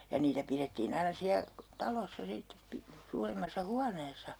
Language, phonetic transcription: Finnish, ja 'niitä pirettiin ‿aina 'siä , "talossa 'sittep pi- , 'suuremmassa "huaneesa .
- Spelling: ja niitä pidettiin aina siellä talossa sitten - suuremmassa huoneessa

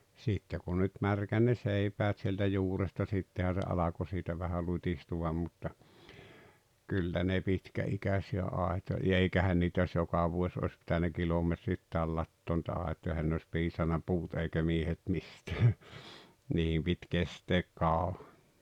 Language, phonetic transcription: Finnish, 'sìtte kun nyt 'märkän ne 'seipäät sieltä 'juuresta 'sittehä se 'alako sitä vähä 'lut́istuvam mutta , "kyllä ne "pitkä₍ikäsi₍ä 'àeto- , ja 'eikähän niitᵃ̈ jos "joka vuoś òⁱs pitänä "kilometrittääl 'lattoon nⁱtä 'àet̀oja ehän ne oⁱs 'piisanna "puut eikä "miehet 'mistää , 'nii₍em pit 'kesteek 'kàoᴠᴀ .
- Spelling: sitten kun nyt märkäni ne seipäät sieltä juuresta sittenhän se alkoi sitä vähän lutistua mutta kyllä ne pitkäikäisiä - ja eikähän niitä jos joka vuosi olisi pitänyt kilometreittäin latoa niitä aitoja eihän ne olisi piisannut puut eikä miehet mistään niiden piti kestää kauan

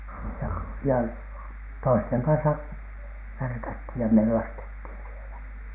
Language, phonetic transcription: Finnish, ja ja toisteŋ kansa , värkäthìj ja mellastethìn sielä .
- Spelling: ja ja toisten kanssa värkättiin ja mellastettiin siellä

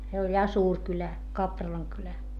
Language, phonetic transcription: Finnish, se oĺ ja suur kylä , Kapralaŋ kylä .
- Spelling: se oli ja suuri kylä Kapralan kylä

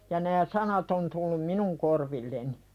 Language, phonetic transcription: Finnish, ja nää 'sanat on tullum "minuŋ korvilleni .
- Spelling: ja nämä sanat on tullut minun korvilleni

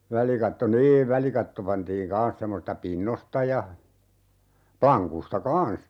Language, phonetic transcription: Finnish, 'välikatto "niiv 'välikatto 'pantiiŋ "kaan̬s 'semmosista "pinnosta ja , 'plaŋkusta "kaan̬s .
- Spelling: välikatto niin välikatto pantiin kanssa semmoisista pinnoista ja lankuista kanssa

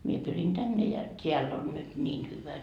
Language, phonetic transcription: Finnish, mie pyrin 'tänne ja , 't́eäll ‿on nyt 'ńiin hyvä .
- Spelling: minä pyrin tänne ja täällä on nyt niin hyvä

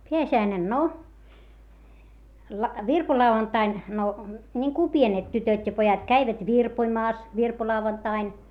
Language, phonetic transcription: Finnish, peäsi₍äinen no , la- , virpolau₍antain , no , ńiŋku pienet tytöt́ ja pojat käivät virpoⁱmaas , virpolauvantain .
- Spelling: pääsiäinen no - virpolauantaina no niin kuin pienet tytöt ja pojat kävivät virpomassa virpolauantaina

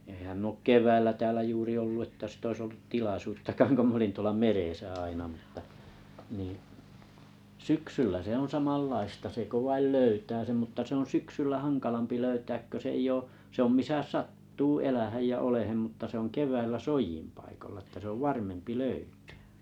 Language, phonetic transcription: Finnish, ehäm m ‿ook "kev̀äillä täälä 'juuri ollu että sit ‿oĭs oltu 'tilasuuttakaaŋ 'ko m ‿olin tuola "merèsä 'aina mᵘtta , nii’ , "syksyllä se on̬ 'samallaista se 'ko vail "löytää sem mutta se on "syksyllä "haŋkalampi 'löytääk kö s ‿ei'j ‿oo , se ‿om 'misä "sat̀tuu 'elähäj ja 'olehem mutta se ‿on 'kev̀äillä "soijimpaikolla että sᵉ ‿ov "löytᴀ̈ᴀ̈ .
- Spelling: enhän minä ole keväällä täällä juuri ollut että sitä olisi oltu tilaisuuttakaan kun minä olin tuolla meressä aina mutta niin syksyllä se on samanlaista se kun vain löytää sen mutta se on syksyllä hankalampi löytää kun se ei ole se on missä sattuu elämään ja olemaan mutta se on keväällä soidinpaikolla että se on löytää

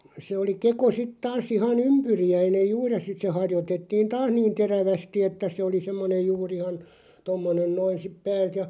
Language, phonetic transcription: Finnish, se oli 'keko sit 'taas 'iha"n ‿ympyri₍äinej 'juur ja 'sit se 'harjotettiin "taas niin̬ 'terävästi että se oli 'semmone 'juu'r ‿ihan , 'tommonen 'noin sip 'päält ja ,.
- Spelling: se oli keko sitten taas ihan ympyriäinen juuri ja sitten se harjoitettiin taas niin terävästi että se oli semmoinen juuri ihan tuommoinen noin sitten päältä ja

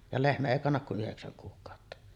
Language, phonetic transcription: Finnish, ja 'lehmä èi kannak ku 'ˀyheksäŋ kuuk̆kàotta .
- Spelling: ja lehmä ei kanna kuin yhdeksän kuukautta

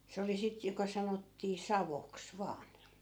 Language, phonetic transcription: Finnish, se oli 'sit joka 'sanottii , "savoks 'vaan .
- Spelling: se oli sitten joka sanottiin saoksi vain

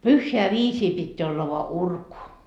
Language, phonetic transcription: Finnish, "pyhheä 'viisii pitteä olla voa "urku .
- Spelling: pyhään viisiin pitää olla vain urku

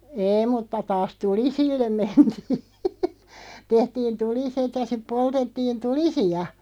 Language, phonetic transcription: Finnish, 'eeⁱ mutta taas "tulisillem 'mentii , 'tehtiin "tuliset ja siᵖ 'poltettiin "tulisi₍a .
- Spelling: ei mutta taas tulisille mentiin tehtiin tuliset ja sitten poltettiin tulisia

